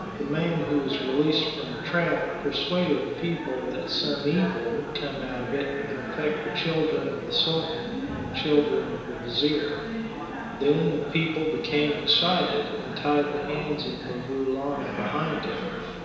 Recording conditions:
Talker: one person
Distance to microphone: 1.7 m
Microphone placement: close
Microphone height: 1.0 m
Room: very reverberant, large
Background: babble

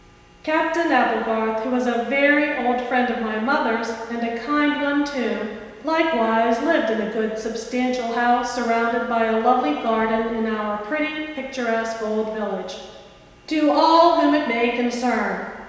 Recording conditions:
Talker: one person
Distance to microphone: 1.7 m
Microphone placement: close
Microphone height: 1.0 m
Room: very reverberant, large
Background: none

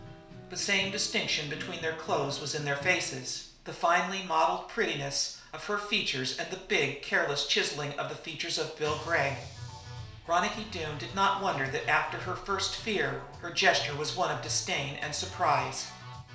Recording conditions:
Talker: one person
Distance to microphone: 1.0 m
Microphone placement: close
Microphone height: 1.1 m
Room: small (3.7 m by 2.7 m)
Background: music

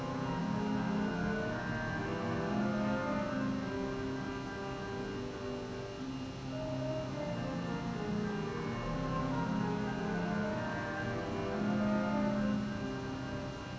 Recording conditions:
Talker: no one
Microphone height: 1.0 m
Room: very reverberant, large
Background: music

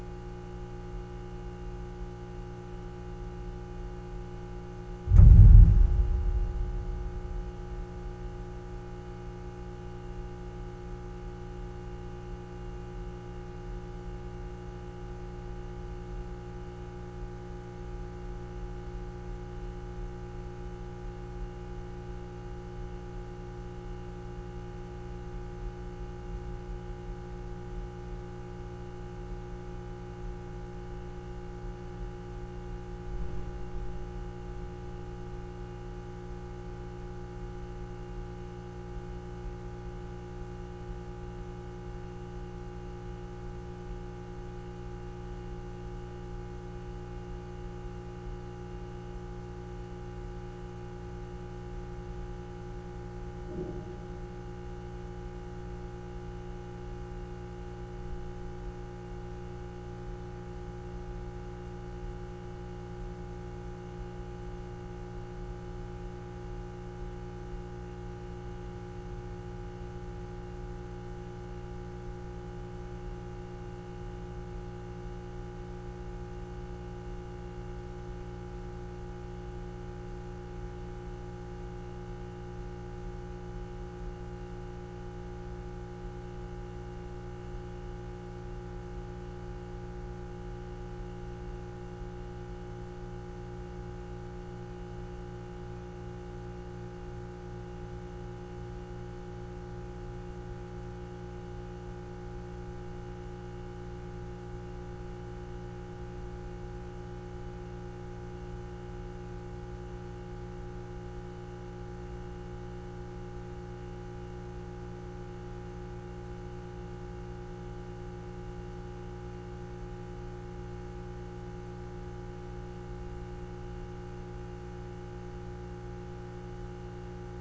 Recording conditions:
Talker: no one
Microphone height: 56 cm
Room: very reverberant, large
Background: none

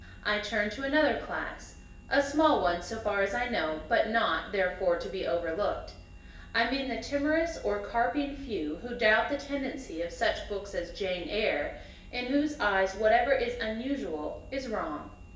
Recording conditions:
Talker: one person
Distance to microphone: 1.8 m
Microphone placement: close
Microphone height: 1.0 m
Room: large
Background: none

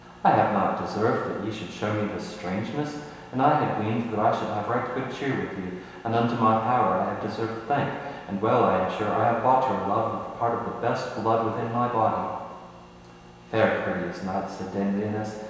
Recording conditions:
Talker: one person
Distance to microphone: 1.7 m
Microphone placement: close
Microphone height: 1.0 m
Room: very reverberant, large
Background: none

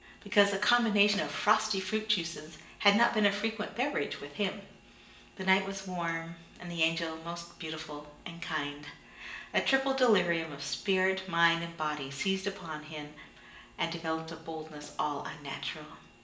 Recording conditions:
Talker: one person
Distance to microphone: 1.8 m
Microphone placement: close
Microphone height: 1.0 m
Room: large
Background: none

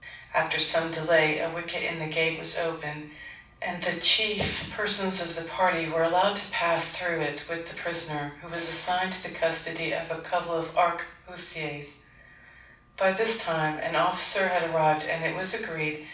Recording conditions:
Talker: one person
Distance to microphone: 5.8 m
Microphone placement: far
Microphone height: 1.8 m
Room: medium-sized (5.7 m by 4.0 m)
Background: none

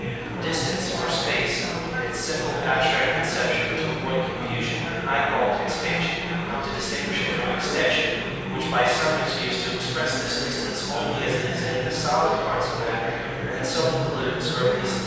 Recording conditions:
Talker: one person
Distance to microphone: 7.1 m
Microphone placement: far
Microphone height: 1.7 m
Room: very reverberant, large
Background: babble

